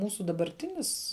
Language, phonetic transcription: Lithuanian, ˈmūsu dabarˈtinis

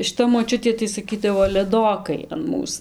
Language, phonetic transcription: Lithuanian, šiˈta moˈčiutė tai saˈkydavo leˈdokai an ˈmūs

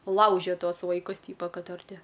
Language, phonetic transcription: Lithuanian, ˈlaužia ˈtuos vaiˈkus ˈtypa ˈkad ar ˈti

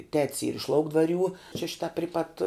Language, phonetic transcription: Lithuanian, tet's yr iš ˈlaukdvaˌrių čia ˈšita ˈpri pat

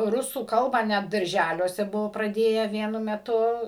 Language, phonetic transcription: Lithuanian, ˈrusų ˈkalbą net darˈžæliuose ˈbuvo praˈdėję ˈvienu meˈtu

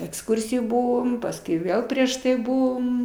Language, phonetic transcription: Lithuanian, eksˈkursijoj ˈbuvom pasˈkui ˈvėl prieš tai ˈbuvom

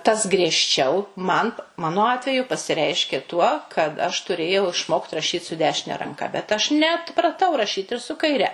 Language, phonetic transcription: Lithuanian, ˈtas griežˈčiau man ˈmano ˈatveju pasiˈreiškė tuo kad aš tuˈrėjau išˈmokt rašyt su ˈdešine ranˈka bet aš neatpraˈtau raˈšyt ir su kaiˈre

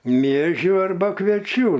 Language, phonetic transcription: Lithuanian, ˈmiežių arˈba kvieˈčių

